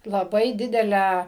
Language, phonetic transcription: Lithuanian, laˈbai ˈdidelę

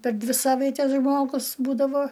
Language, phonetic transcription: Lithuanian, per ˈdvi ˈsavaites ˈžmogus ˈbūdavo

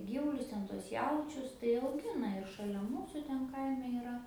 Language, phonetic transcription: Lithuanian, ˈgyvulius ˈten tuos ˈjaučius tai auˈgina ir šaˈlia ˈmūsu ˈten ˈkaime yˈra

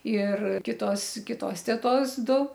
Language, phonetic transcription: Lithuanian, ir ˈkitos ˈkitos teˈtos ˈdu

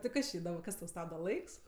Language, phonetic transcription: Lithuanian, tai ˈkas či idom ˈkas tau ˈstabda ˈlaiks

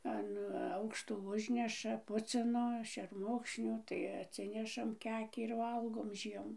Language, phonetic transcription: Lithuanian, an ˈaukšto ˈužneša ˈpucino šerˈmukšniu tai atˈsinešam ˈkekį ir ˈvalgom ˈžiemu

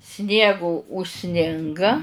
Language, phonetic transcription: Lithuanian, ˈsniego užˈsninga

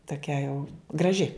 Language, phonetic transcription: Lithuanian, toˈkia jau graˈži

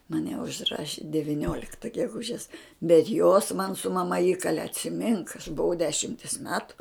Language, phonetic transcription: Lithuanian, maˈne užˈraši deviˈniolikta geˈgužes bet jos man su maˈma ˈįkale atsiˈmink aš buˈvau ˈdešimtės ˈmetu

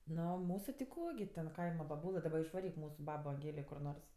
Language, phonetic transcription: Lithuanian, ˈno ˈmūsu ti ˈko gi ten ˈkaima baˈbūlɘ daˈba išvaˈryk ˈmūsu ˈbabo anˈgėlė kur ˈnors

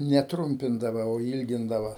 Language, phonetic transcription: Lithuanian, ne ˈtrumpindava o ˈylgindava

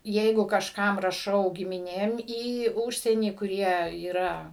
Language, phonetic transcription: Lithuanian, ˈjeigu kažˈkam raˈšau gimiˈnėm į ˈūžsienį kuˈrie yˈra

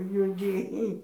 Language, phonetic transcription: Lithuanian, juoˈdėji

